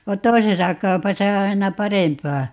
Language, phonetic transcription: Finnish, va "toisesa 'kau̬pasa o 'aina "parempaa .
- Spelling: vaan toisessa kaupassa on aina parempaa

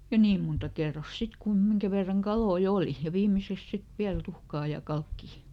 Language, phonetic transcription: Finnish, ja "niim munta ˈkerros ˈsit kun , ˈmiŋkä verraŋ ˈkaloi "òli , ja ˈviimiseks ˈsit "viäl ˈtuhkaa ja ˈkalkkì .
- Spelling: ja niin monta kerrosta sitten kuin minkä verran kaloja oli ja viimeiseksi sitten vielä tuhkaa ja kalkkia

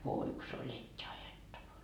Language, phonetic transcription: Finnish, voi ku se oĺ et́t́i ajettava .
- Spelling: voi kun se oli etti ajettava

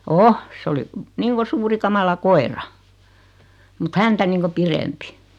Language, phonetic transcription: Finnish, o , 's ‿oli , 'niiŋko 'suuri 'kamala "koera , mut 'häntä niiŋko 'pirempi .
- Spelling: on se oli niin kuin suuri kamala koira mutta häntä niin kuin pidempi

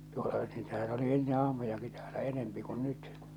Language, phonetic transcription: Finnish, tuota niitähän ‿oli "enne 'ahmojaki täälä 'enempi kun 'nyt .
- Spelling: tuota niitähän oli ennen ahmojakin täällä enemmän kuin nyt

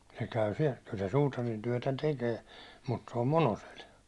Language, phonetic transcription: Finnish, se käy siɛl , kyl se 'suutarintyäₒtä 'tekee , mut se om "Monosel .
- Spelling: se käy siellä kyllä se suutarintyötä tekee mutta se on Monosella

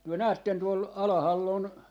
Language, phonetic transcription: Finnish, työ 'näätten 'tuol , 'alahal'l ‿on , .
- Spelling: te näette tuolla alhaalla on

